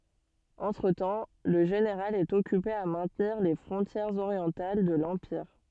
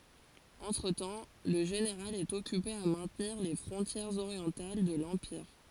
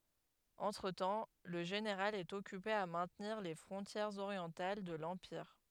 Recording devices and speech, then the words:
soft in-ear microphone, forehead accelerometer, headset microphone, read sentence
Entretemps, le général est occupé à maintenir les frontières orientales de l'empire.

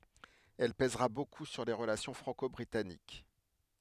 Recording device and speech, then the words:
headset microphone, read sentence
Elle pèsera beaucoup sur les relations franco-britanniques.

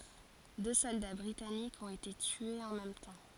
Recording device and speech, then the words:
forehead accelerometer, read sentence
Deux soldats britanniques ont été tués en même temps.

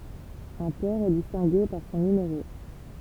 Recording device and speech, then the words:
temple vibration pickup, read sentence
Un port est distingué par son numéro.

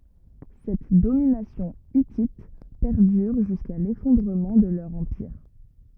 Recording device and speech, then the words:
rigid in-ear microphone, read sentence
Cette domination hittite perdure jusqu’à l’effondrement de leur empire.

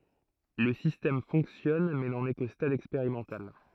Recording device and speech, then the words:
throat microphone, read sentence
Le système fonctionne mais n'en est qu'au stade expérimental.

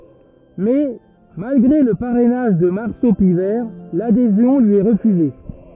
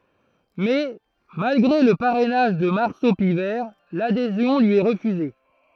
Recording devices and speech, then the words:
rigid in-ear microphone, throat microphone, read sentence
Mais, malgré le parrainage de Marceau Pivert, l'adhésion lui est refusée.

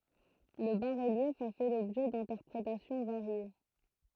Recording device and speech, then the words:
throat microphone, read sentence
Le bas-relief a fait l'objet d'interprétations variées.

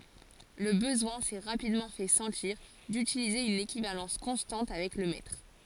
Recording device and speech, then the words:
forehead accelerometer, read sentence
Le besoin s'est rapidement fait sentir d'utiliser une équivalence constante avec le mètre.

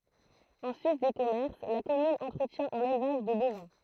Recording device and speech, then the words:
throat microphone, read sentence
En sus des commerces, la commune entretient un élevage de bovins.

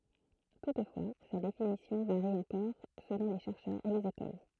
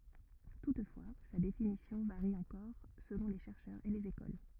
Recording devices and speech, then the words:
throat microphone, rigid in-ear microphone, read sentence
Toutefois, sa définition varie encore selon les chercheurs et les écoles.

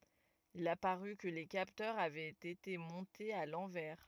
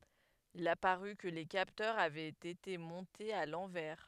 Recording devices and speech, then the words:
rigid in-ear microphone, headset microphone, read sentence
Il apparut que les capteurs avaient été montés à l'envers.

